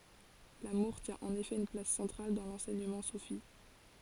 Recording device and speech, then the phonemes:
forehead accelerometer, read sentence
lamuʁ tjɛ̃ ɑ̃n efɛ yn plas sɑ̃tʁal dɑ̃ lɑ̃sɛɲəmɑ̃ sufi

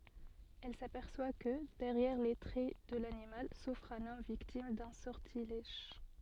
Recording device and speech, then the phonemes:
soft in-ear microphone, read sentence
ɛl sapɛʁswa kə dɛʁjɛʁ le tʁɛ də lanimal sufʁ œ̃n ɔm viktim dœ̃ sɔʁtilɛʒ

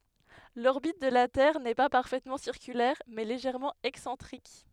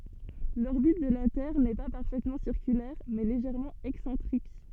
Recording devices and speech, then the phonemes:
headset microphone, soft in-ear microphone, read sentence
lɔʁbit də la tɛʁ nɛ pa paʁfɛtmɑ̃ siʁkylɛʁ mɛ leʒɛʁmɑ̃ ɛksɑ̃tʁik

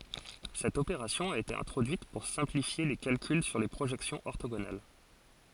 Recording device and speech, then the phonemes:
forehead accelerometer, read sentence
sɛt opeʁasjɔ̃ a ete ɛ̃tʁodyit puʁ sɛ̃plifje le kalkyl syʁ le pʁoʒɛksjɔ̃z ɔʁtoɡonal

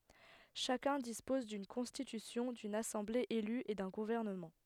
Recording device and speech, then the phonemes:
headset microphone, read sentence
ʃakœ̃ dispɔz dyn kɔ̃stitysjɔ̃ dyn asɑ̃ble ely e dœ̃ ɡuvɛʁnəmɑ̃

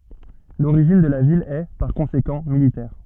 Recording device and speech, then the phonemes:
soft in-ear microphone, read sentence
loʁiʒin də la vil ɛ paʁ kɔ̃sekɑ̃ militɛʁ

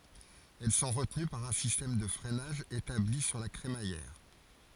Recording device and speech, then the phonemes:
forehead accelerometer, read sentence
ɛl sɔ̃ ʁətəny paʁ œ̃ sistɛm də fʁɛnaʒ etabli syʁ la kʁemajɛʁ

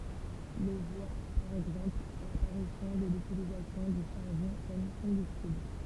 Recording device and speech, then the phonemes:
temple vibration pickup, read sentence
lə vwa paʁ ɛɡzɑ̃pl lapaʁisjɔ̃ də lytilizasjɔ̃ dy ʃaʁbɔ̃ kɔm kɔ̃bystibl

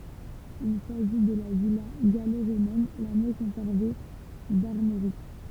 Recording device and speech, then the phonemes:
temple vibration pickup, read sentence
il saʒi də la vila ɡalo ʁomɛn la mjø kɔ̃sɛʁve daʁmoʁik

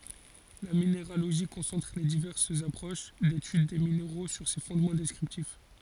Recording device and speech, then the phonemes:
forehead accelerometer, read sentence
la mineʁaloʒi kɔ̃sɑ̃tʁ le divɛʁsz apʁoʃ detyd de mineʁo syʁ se fɔ̃dmɑ̃ dɛskʁiptif

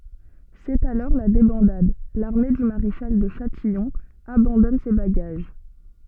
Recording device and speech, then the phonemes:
soft in-ear microphone, read sentence
sɛt alɔʁ la debɑ̃dad laʁme dy maʁeʃal də ʃatijɔ̃ abɑ̃dɔn se baɡaʒ

